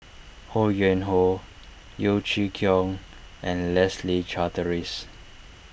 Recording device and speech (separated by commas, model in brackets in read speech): boundary microphone (BM630), read sentence